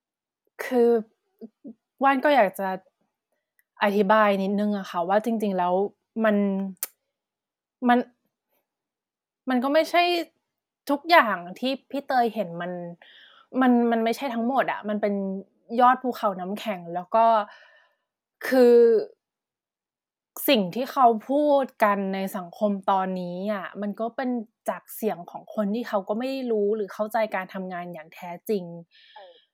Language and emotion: Thai, frustrated